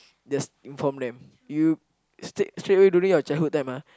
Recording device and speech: close-talking microphone, conversation in the same room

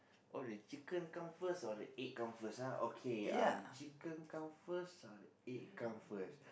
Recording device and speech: boundary microphone, conversation in the same room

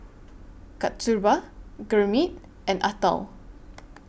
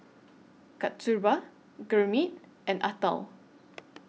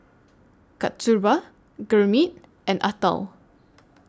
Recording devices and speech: boundary microphone (BM630), mobile phone (iPhone 6), standing microphone (AKG C214), read sentence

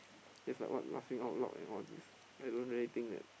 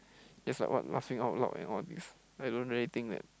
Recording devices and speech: boundary microphone, close-talking microphone, conversation in the same room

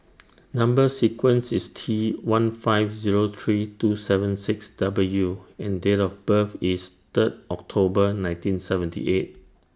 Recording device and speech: standing microphone (AKG C214), read sentence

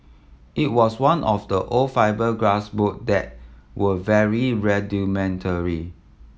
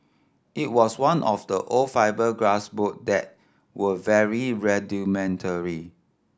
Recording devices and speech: mobile phone (iPhone 7), standing microphone (AKG C214), read sentence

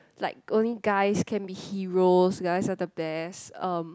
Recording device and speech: close-talking microphone, conversation in the same room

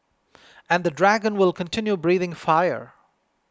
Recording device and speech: close-talking microphone (WH20), read sentence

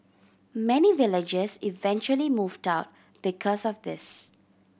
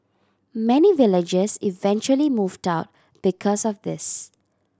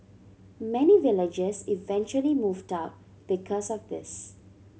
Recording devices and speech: boundary microphone (BM630), standing microphone (AKG C214), mobile phone (Samsung C7100), read sentence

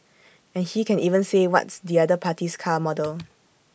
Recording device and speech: boundary microphone (BM630), read sentence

